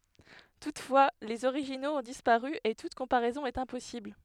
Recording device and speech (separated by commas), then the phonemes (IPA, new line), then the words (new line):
headset microphone, read sentence
tutfwa lez oʁiʒinoz ɔ̃ dispaʁy e tut kɔ̃paʁɛzɔ̃ ɛt ɛ̃pɔsibl
Toutefois, les originaux ont disparu et toute comparaison est impossible.